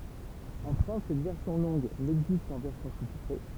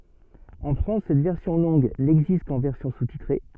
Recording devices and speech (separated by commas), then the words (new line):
temple vibration pickup, soft in-ear microphone, read sentence
En France, cette version longue n'existe qu'en version sous-titrée.